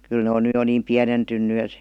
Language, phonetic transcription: Finnish, kyl ne on ny jo niim 'piänentynny (et) .
- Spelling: kyllä ne on nyt jo niin pienentynyt että

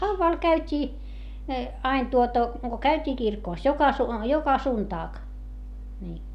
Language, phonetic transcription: Finnish, no hauvvàl käyt́ii , ain tuota , ko käyt́ii kirkòs - joka su- , joka suntaak , nii .
- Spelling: no haudalla käytiin aina tuota kun käytiin kirkossa joka - joka sunnuntai niin

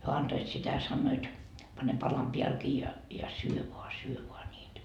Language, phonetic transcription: Finnish, hyö 'antoit sitä 'sannoit , 'pane 'palam "piälkii ja , ja 'syö voa , 'syö voa ńiitä .
- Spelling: he antoivat sitä sanoivat pane palan päällekin ja ja syö vain syö vain niitä

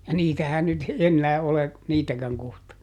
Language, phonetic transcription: Finnish, ja "niitähän nyt , ˈennää ole , "niitäkäŋ kohta .
- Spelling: ja niitähän nyt enää ole niitäkään kohta

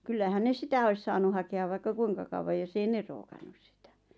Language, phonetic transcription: Finnish, 'kyllähän 'ne "sitä 'ois saanu hake₍a vaikka "kuiŋka kauwa joss ‿ei "ne rookannus sɪtᴀ̈ .
- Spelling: kyllähän ne sitä olisi saanut hakea vaikka kuinka kauan jossakin ei ne rookannut sitä

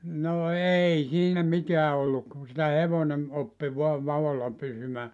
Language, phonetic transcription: Finnish, no "ei siinä 'miteä olluk ku sitä "hevonem , 'oppi voa "vavolla 'pysymää .
- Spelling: no ei siinä mitään ollut kun sitä hevonen oppi vain vaolla pysymään

